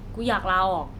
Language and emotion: Thai, frustrated